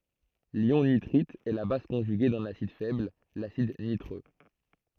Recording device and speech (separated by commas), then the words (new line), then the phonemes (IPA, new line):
throat microphone, read sentence
L'ion nitrite est la base conjuguée d'un acide faible, l'acide nitreux.
ljɔ̃ nitʁit ɛ la baz kɔ̃ʒyɡe dœ̃n asid fɛbl lasid nitʁø